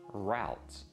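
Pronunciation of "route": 'Route' is said here with its American English pronunciation.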